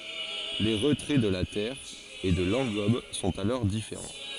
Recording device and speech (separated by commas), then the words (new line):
forehead accelerometer, read sentence
Les retraits de la terre et de l’engobe sont alors différents.